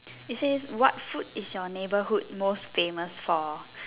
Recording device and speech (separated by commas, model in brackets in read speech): telephone, conversation in separate rooms